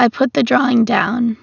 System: none